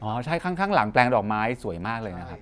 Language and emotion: Thai, neutral